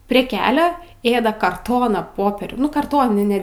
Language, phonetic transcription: Lithuanian, prie ˈkelia ˈėda karˈtoną ˈpoperių karˈtoninę

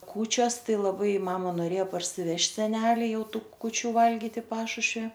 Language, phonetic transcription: Lithuanian, ˈkūčios ˈtai laˈbai ˈmama noˈrėja parsiˈvežt' seˈneli ˈjau ˈtų kuˈčių ˈvalgit i ˈpašušvi

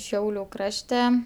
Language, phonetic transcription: Lithuanian, ˈšiauliu ˈkrašte

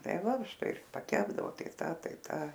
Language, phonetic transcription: Lithuanian, ˈtai ˈva ˈštai ir paˈkepdavo ˈtai ˈta ˈtai ˈta

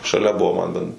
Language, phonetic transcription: Lithuanian, šaˈlia ˈbuvo man ben

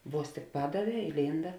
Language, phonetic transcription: Lithuanian, ˈvuos tik ˈpadaˌvē ilˈynda

